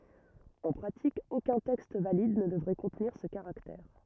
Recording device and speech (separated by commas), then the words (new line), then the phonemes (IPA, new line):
rigid in-ear microphone, read sentence
En pratique, aucun texte valide ne devrait contenir ce caractère.
ɑ̃ pʁatik okœ̃ tɛkst valid nə dəvʁɛ kɔ̃tniʁ sə kaʁaktɛʁ